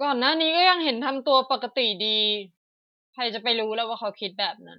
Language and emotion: Thai, frustrated